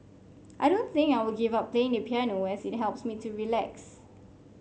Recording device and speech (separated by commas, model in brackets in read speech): mobile phone (Samsung C5), read sentence